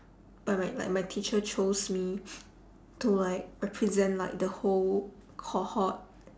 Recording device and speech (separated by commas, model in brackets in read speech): standing microphone, conversation in separate rooms